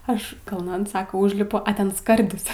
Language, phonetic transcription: Lithuanian, ˈaš kalˈnan ˈsaka ˈūžlipu a ˈten ˈskardis

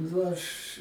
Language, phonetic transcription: Lithuanian, nu ˈaš

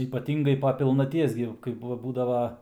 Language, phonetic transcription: Lithuanian, ypaˈtingai po pilnaˈties gi kaip ˈbūdava

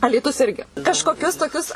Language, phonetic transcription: Lithuanian, alyˈtus ˈirgi kažkoˈkius toˈkius

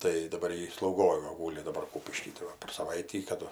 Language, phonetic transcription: Lithuanian, tai daˈbar ˈji slauˈgoj va ˈgūli daˈbar ˈkūpišky tai ˈva per saˈvaitį ˈkadu

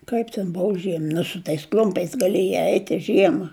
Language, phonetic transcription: Lithuanian, ˈkaip ten ˈbov ˈžiem nu su ˈtais ˈkl'umpiais gaˈliejai ˈeit' i ˈžiema

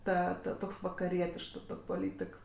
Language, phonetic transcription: Lithuanian, ˈta ta ˈtoks vakaˈrietišks ˈtok' poˈlytik

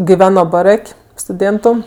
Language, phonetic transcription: Lithuanian, giˈveno baˈrak' stuˈdėntu

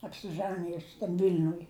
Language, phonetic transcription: Lithuanian, apsiˈžanijus tam ˈvil'nuj

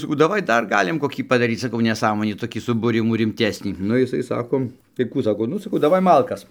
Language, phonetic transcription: Lithuanian, saˈkau daˈvai ˈdar ˈgalim koˈkį padaˈryc saˈkau neˈsąmonį toˈkį subūˈrimų rimˈtesnį ˈnu jiˈsai ˈsako tai ˈkų ˈsako ˈnu saˈkau daˈvai ˈmalkas

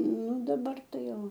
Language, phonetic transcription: Lithuanian, ˈnu daˈbar ˈtai ˈjo

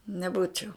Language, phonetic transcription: Lithuanian, neˈbūčiau

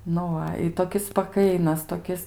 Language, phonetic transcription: Lithuanian, nu ˈva i toˈkis spaˈkainas toˈkis

